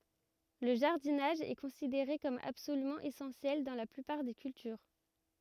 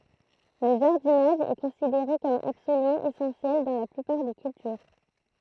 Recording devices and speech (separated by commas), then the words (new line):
rigid in-ear microphone, throat microphone, read sentence
Le jardinage est considéré comme absolument essentiel dans la plupart des cultures.